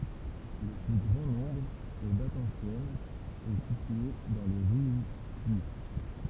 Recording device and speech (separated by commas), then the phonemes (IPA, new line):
temple vibration pickup, read sentence
lə ply ɡʁɑ̃ nɔ̃bʁ o datz ɑ̃sjɛnz ɛ sitye dɑ̃ le ʁjykjy